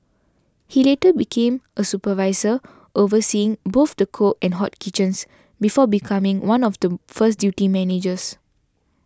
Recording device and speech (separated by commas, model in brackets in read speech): standing microphone (AKG C214), read sentence